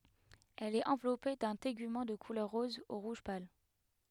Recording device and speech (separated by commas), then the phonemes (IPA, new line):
headset microphone, read sentence
ɛl ɛt ɑ̃vlɔpe dœ̃ teɡymɑ̃ də kulœʁ ʁɔz u ʁuʒ pal